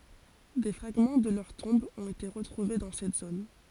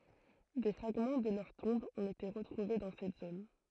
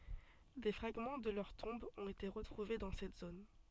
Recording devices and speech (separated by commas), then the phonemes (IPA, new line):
forehead accelerometer, throat microphone, soft in-ear microphone, read sentence
de fʁaɡmɑ̃ də lœʁ tɔ̃bz ɔ̃t ete ʁətʁuve dɑ̃ sɛt zon